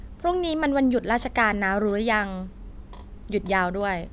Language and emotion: Thai, neutral